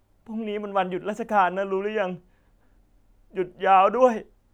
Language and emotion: Thai, sad